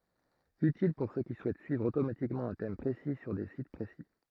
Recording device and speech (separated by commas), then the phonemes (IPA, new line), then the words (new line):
throat microphone, read sentence
ytil puʁ sø ki suɛt syivʁ otomatikmɑ̃ œ̃ tɛm pʁesi syʁ de sit pʁesi
Utile pour ceux qui souhaitent suivre automatiquement un thème précis sur des sites précis.